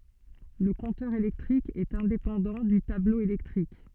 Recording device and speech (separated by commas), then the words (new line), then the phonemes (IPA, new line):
soft in-ear microphone, read sentence
Le compteur électrique est indépendant du tableau électrique.
lə kɔ̃tœʁ elɛktʁik ɛt ɛ̃depɑ̃dɑ̃ dy tablo elɛktʁik